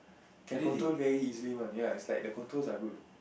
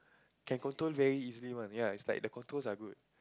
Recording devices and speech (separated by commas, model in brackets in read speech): boundary microphone, close-talking microphone, conversation in the same room